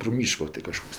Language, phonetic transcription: Lithuanian, pro ˈmyško ti kaˈžkoks

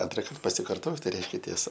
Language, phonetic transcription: Lithuanian, ˈantrakart pasikarˈtot tai ˈreiškia tieˈsa

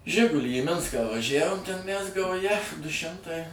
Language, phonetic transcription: Lithuanian, ˈžigulį į ˈminską vaˈžævom ten mæs gauˈja du ˈšimtai

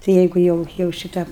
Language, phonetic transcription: Lithuanian, tai ˈjeigu ˈjau jau šiˈta

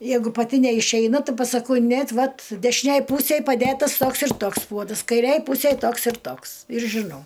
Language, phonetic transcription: Lithuanian, ˈjeigu paˈti neišeiˈna ˈti pasaˈkau ˈnėt ˈvat dešiˈnėj ˈpūsėj paˈdėtas ˈtoks ir ˈtoks ˈpuodas kaiˈrėj ˈpūsėj ˈtoks ir ˈtoks ir žiˈnau

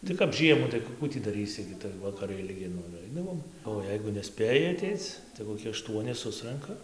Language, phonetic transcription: Lithuanian, tai kap ˈžiemų tai ˈku ˈkų tį daˈrysi gi tai vakaˈrai ilˈgi ˈnu ir ˈaidavom o ˈjeigu neˈspėji aˈteic tai koˈki aˈštuoni ˈsusranka

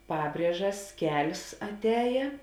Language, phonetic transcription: Lithuanian, ˈpabriežas ˈkel's' atˈējė

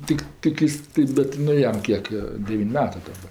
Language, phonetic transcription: Lithuanian, ˈtik ˈtik is tai ˈbet nu ˈjam ˈkiek jo ˈdevyn' ˈmetɜ daˈba

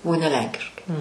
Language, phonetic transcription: Lithuanian, o ne ˈlenkiškai

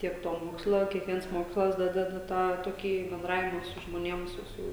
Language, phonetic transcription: Lithuanian, ˈtiek ˈto ˈmoksla kiekˈviens ˈmokslas ˈdadeda ˈtą toˈkį benˈdravima su žmoˈniem ˈsu ˈsu

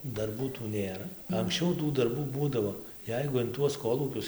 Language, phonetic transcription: Lithuanian, darˈbų tų ˈnėra anksˈčiau tų darˈbų ˈbūdavo ˈjeigu in ˈtuos ˈkolūkius

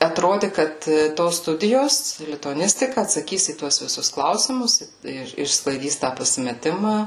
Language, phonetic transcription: Lithuanian, atrodi ˈkad ˈtos ˈstudijos lituaˈnistika atsaˈkys į ˈtuos viˈsus ˈklausimus ir išsklaiˈdys tą pasimeˈtimą

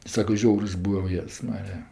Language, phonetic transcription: Lithuanian, ˈsaka ˈžiaurs ˈbūva o ˈjėzs ˈmarija

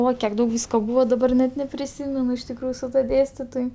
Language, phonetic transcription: Lithuanian, ˈoi kiek ˈdaug ˈvysko ˈbūvo daˈbar net nepriˈsymenu iš tikˈrųju su ˈtuo ˈdėstitoj

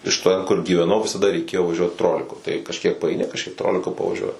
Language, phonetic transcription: Lithuanian, iš ˈten kur gyveˈnau visaˈda reiˈkėjo vaˈžiuot ˈtroliku tai kažˈkiek paaiˈni kažˈkiek ˈtroliku pavaˈžiuoji

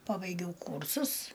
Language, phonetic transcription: Lithuanian, ˈpabaigiau ˈkūrsus

